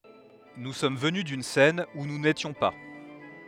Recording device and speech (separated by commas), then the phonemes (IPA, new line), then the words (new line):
headset microphone, read sentence
nu sɔm vəny dyn sɛn u nu netjɔ̃ pa
Nous sommes venus d'une scène où nous n'étions pas.